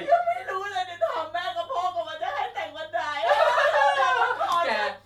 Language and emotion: Thai, happy